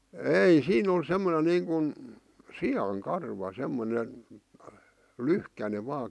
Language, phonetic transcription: Finnish, èi , 'siin ‿on 'semmone 'niiŋkun , "si₍aŋ 'karva 'semmone , "lyhkäne vaa .
- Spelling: ei siinä on semmoinen niin kuin sian karva semmoinen lyhkäinen vain

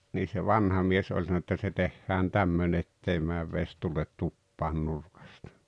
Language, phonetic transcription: Finnish, nii se "vanha 'mies oĺ sanon ‿että » se 'tehhään "tämmöne 'ettei määv 'ves tulet 'tuppaan 'nurkastᴀ « .
- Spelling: niin se vanha mies oli sanonut että se tehdään tämmöinen että ei mene vesi tule tupaan nurkasta

